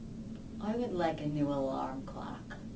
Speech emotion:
neutral